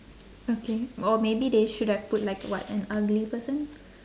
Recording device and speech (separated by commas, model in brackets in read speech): standing microphone, conversation in separate rooms